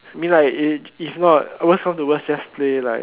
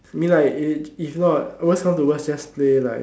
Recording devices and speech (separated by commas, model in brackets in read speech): telephone, standing microphone, conversation in separate rooms